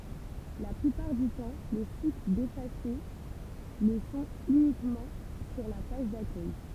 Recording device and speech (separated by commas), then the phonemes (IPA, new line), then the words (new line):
temple vibration pickup, read sentence
la plypaʁ dy tɑ̃ le sit defase lə sɔ̃t ynikmɑ̃ syʁ la paʒ dakœj
La plupart du temps, les sites défacés le sont uniquement sur la page d'accueil.